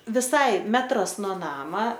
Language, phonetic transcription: Lithuanian, viˈsai ˈmetras no ˈnama

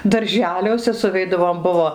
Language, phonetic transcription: Lithuanian, darˈželiuose suˈveidavom ˈbuvo

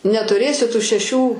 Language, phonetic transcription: Lithuanian, netuˈrėsi tu šeˈšių

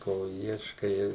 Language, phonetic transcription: Lithuanian, ˈko ˈieškai

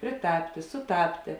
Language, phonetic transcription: Lithuanian, priˈtaptė suˈtaptė

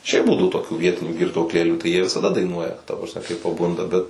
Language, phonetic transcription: Lithuanian, ˈšiaip ˈbūdau toˈkių ˈvietinių girtuokˈlėlių tai ˈjie visaˈda daiˈnuoja ta prasˈme kai paˈbunda ˈbet

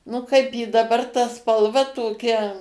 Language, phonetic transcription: Lithuanian, nu ˈkaip ji daˈbar ta spalˈva toˈkia

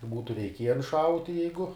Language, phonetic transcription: Lithuanian, ˈbūtu reiˈkiejen ˈšauti ˈjeigu

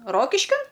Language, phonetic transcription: Lithuanian, ˈrokiškin

